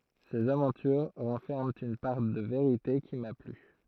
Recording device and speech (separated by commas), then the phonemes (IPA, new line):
throat microphone, read sentence
sez avɑ̃tyʁ ʁɑ̃fɛʁmɑ̃ yn paʁ də veʁite ki ma ply